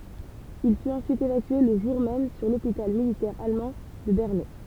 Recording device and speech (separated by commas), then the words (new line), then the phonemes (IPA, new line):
temple vibration pickup, read sentence
Il fut ensuite évacué le jour même sur l'hôpital militaire allemand de Bernay.
il fyt ɑ̃syit evakye lə ʒuʁ mɛm syʁ lopital militɛʁ almɑ̃ də bɛʁnɛ